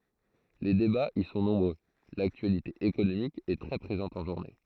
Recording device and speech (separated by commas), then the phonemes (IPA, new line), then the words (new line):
throat microphone, read sentence
le debaz i sɔ̃ nɔ̃bʁø laktyalite ekonomik ɛ tʁɛ pʁezɑ̃t ɑ̃ ʒuʁne
Les débats y sont nombreux, l'actualité économique est très présente en journée.